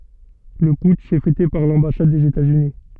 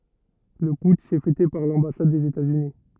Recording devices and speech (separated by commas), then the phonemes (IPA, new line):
soft in-ear microphone, rigid in-ear microphone, read sentence
lə putʃ ɛ fɛte paʁ lɑ̃basad dez etaz yni